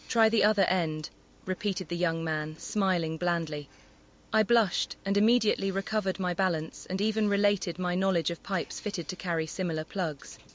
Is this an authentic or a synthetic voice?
synthetic